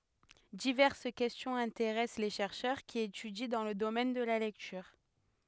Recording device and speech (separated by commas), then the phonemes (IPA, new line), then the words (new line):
headset microphone, read sentence
divɛʁs kɛstjɔ̃z ɛ̃teʁɛs le ʃɛʁʃœʁ ki etydi dɑ̃ lə domɛn də la lɛktyʁ
Diverses questions intéressent les chercheurs qui étudient dans le domaine de la lecture.